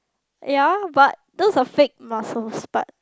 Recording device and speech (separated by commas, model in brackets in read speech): close-talking microphone, conversation in the same room